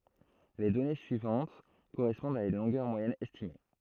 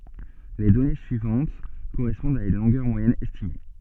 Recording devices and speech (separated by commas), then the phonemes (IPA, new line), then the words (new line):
throat microphone, soft in-ear microphone, read sentence
le dɔne syivɑ̃t koʁɛspɔ̃dt a yn lɔ̃ɡœʁ mwajɛn ɛstime
Les données suivantes correspondent à une longueur moyenne estimée.